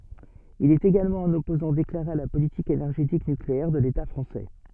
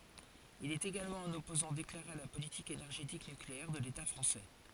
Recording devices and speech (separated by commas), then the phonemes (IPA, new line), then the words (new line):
soft in-ear microphone, forehead accelerometer, read sentence
il ɛt eɡalmɑ̃ œ̃n ɔpozɑ̃ deklaʁe a la politik enɛʁʒetik nykleɛʁ də leta fʁɑ̃sɛ
Il est également un opposant déclaré à la politique énergétique nucléaire de l'État français.